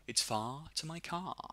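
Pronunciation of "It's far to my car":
The sentence is said in a non-rhotic British accent, with no r sound at the end of 'far' or 'car'.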